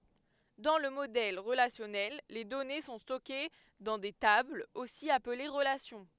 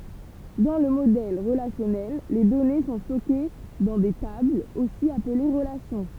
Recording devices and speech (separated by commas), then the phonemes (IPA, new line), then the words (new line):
headset microphone, temple vibration pickup, read sentence
dɑ̃ lə modɛl ʁəlasjɔnɛl le dɔne sɔ̃ stɔke dɑ̃ de tablz osi aple ʁəlasjɔ̃
Dans le modèle relationnel, les données sont stockées dans des tables, aussi appelées relations.